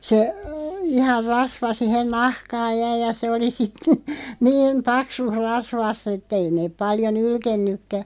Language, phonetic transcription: Finnish, se , 'ihar "rasva 'sihen "nahkaaj jäi ja se oli sit , "niin̳§ "paksus 'rasvasˢ ‿et't ‿ei neeᵖ 'paljo "nylkennykkä .
- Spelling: se ihan rasva siihen nahkaan jäi ja se oli sitten niin paksussa rasvassa että ei ne paljon nylkenytkään

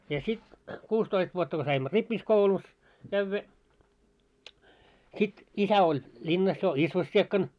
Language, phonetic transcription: Finnish, ja sit , 'kuustoist vuotta ko 'saimmo "rippis'koulus , kävvä , sit , 'isä oĺ , 'ĺinnas jo "isvos'siekkan .
- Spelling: ja sitten kuusitoista vuotta kun saimme rippikoulussa käydä sitten isä oli linnassa jo isvossikkana

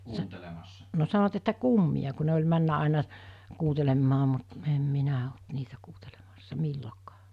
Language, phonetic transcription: Finnish, sa- , no sanoᵛat että "kummiʲa ku ne oĺ 'männä 'àena , 'kuutelemmaa mut , em 'minä olt 'niitä kuutelemassa "millokᴀᴀ .
- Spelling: - no sanoivat että kummia kun ne oli mennyt aina kuuntelemaan mutta en minä ollut niitä kuuntelemassa milloinkaan

